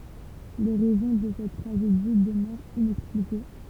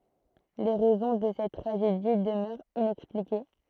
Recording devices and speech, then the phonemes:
temple vibration pickup, throat microphone, read sentence
le ʁɛzɔ̃ də sɛt tʁaʒedi dəmœʁt inɛksplike

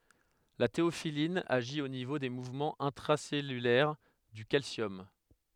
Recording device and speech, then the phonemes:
headset microphone, read sentence
la teofilin aʒi o nivo de muvmɑ̃z ɛ̃tʁasɛlylɛʁ dy kalsjɔm

